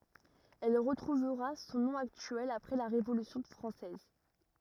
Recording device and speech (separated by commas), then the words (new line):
rigid in-ear microphone, read sentence
Elle retrouvera son nom actuel après la Révolution française.